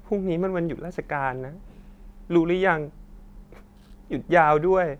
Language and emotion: Thai, sad